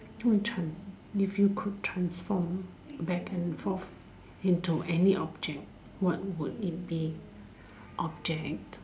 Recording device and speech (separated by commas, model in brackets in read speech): standing microphone, conversation in separate rooms